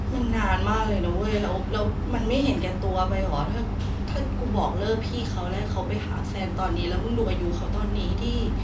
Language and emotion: Thai, frustrated